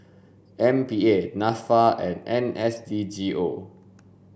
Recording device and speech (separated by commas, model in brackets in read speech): boundary microphone (BM630), read sentence